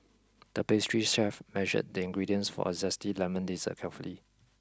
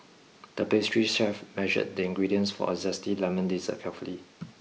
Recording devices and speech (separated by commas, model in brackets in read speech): close-talking microphone (WH20), mobile phone (iPhone 6), read sentence